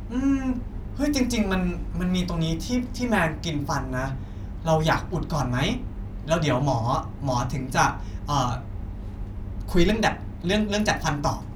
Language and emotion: Thai, neutral